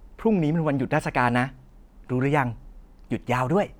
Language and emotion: Thai, happy